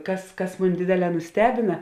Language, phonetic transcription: Lithuanian, ˈkas ˈkas ˈmun' ˈdėdėˌlē nuˈstebina

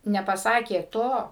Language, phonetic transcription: Lithuanian, nepaˈsakė ˈto

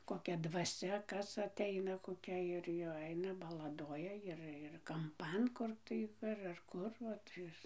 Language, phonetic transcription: Lithuanian, koˈkia dvaˈsia ˈkas atˈeina koˈkia ir jau ˈeina balaˈdoja ˈir ir kamˈpan ˈkur tai ar ar ˈkur vat ˈis

